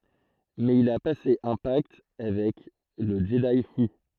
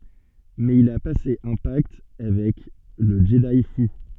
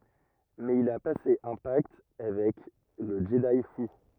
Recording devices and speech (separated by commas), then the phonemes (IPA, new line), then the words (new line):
throat microphone, soft in-ear microphone, rigid in-ear microphone, read sentence
mɛz il a pase œ̃ pakt avɛk lə ʒədi fu
Mais il a passé un pacte avec le Jedi fou.